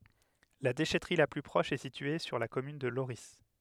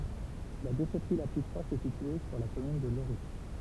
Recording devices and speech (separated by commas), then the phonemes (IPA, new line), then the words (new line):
headset microphone, temple vibration pickup, read sentence
la deʃɛtʁi la ply pʁɔʃ ɛ sitye syʁ la kɔmyn də loʁi
La déchèterie la plus proche est située sur la commune de Lorris.